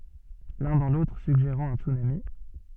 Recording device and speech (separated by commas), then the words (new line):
soft in-ear microphone, read sentence
L'un dans l'autre suggérant un tsunami.